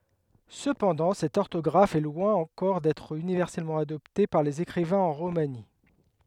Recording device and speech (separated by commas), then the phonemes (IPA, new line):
headset microphone, read sentence
səpɑ̃dɑ̃ sɛt ɔʁtɔɡʁaf ɛ lwɛ̃ ɑ̃kɔʁ dɛtʁ ynivɛʁsɛlmɑ̃ adɔpte paʁ lez ekʁivɛ̃z ɑ̃ ʁomani